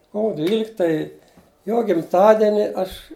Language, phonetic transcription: Lithuanian, ˈkovu ˈdvylikta i ˈjo gimˈtadeni ˈaš

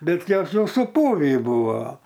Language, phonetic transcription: Lithuanian, ˈbet ˈjos ˈjau suˈpūvį ˈbuvo

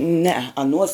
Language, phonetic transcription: Lithuanian, nee aˈnuos

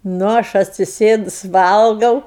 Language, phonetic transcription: Lithuanian, ˈnu ˈaš atsiˈsėdus ˈvalgau

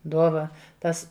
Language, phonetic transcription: Lithuanian, ˈduova ˈtas

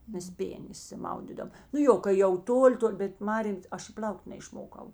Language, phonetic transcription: Lithuanian, ˈmes ˈpėnė išsiˈmaudydom nu ˈjo kai jau ˈtoˌli ˈtol' bet ˈmarėm ˈaš i ˈpl'aukt' neišˈmokau

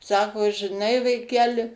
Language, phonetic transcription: Lithuanian, ˈsako žiˈnai vaiˈkeli

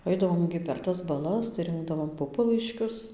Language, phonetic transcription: Lithuanian, ˈaidavom gi per ˈtas baˈlas tai ˈrinkdavom ˈpupalaiškius

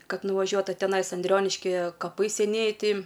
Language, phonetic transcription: Lithuanian, ˈkad nuvaˈžiuot o teˈnais anˈdrioniškie kaˈpai seˈnieji ˈti

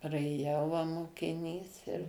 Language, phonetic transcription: Lithuanian, praėˈjau va mokiˈnys ir

